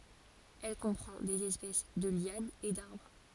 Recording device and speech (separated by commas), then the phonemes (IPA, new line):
forehead accelerometer, read sentence
ɛl kɔ̃pʁɑ̃ dez ɛspɛs də ljanz e daʁbʁ